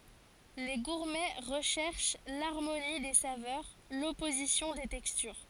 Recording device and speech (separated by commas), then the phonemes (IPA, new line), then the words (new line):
forehead accelerometer, read sentence
le ɡuʁmɛ ʁəʃɛʁʃ laʁmoni de savœʁ lɔpozisjɔ̃ de tɛkstyʁ
Les gourmets recherchent l’harmonie des saveurs, l’opposition des textures.